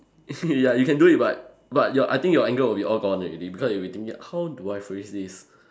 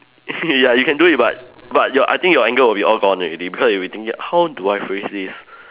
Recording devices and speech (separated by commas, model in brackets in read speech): standing microphone, telephone, conversation in separate rooms